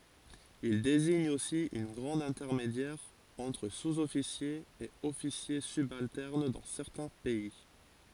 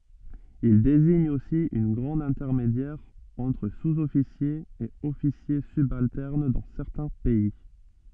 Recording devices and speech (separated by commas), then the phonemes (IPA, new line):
forehead accelerometer, soft in-ear microphone, read sentence
il deziɲ osi œ̃ ɡʁad ɛ̃tɛʁmedjɛʁ ɑ̃tʁ suzɔfisjez e ɔfisje sybaltɛʁn dɑ̃ sɛʁtɛ̃ pɛi